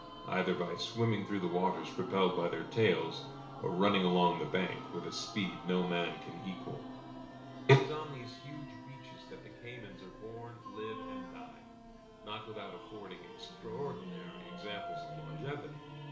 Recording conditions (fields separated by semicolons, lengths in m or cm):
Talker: one person; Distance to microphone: 1.0 m; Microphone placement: close; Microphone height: 1.1 m; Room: small (3.7 m by 2.7 m); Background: music